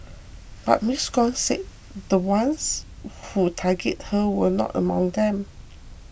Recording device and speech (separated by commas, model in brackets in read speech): boundary microphone (BM630), read sentence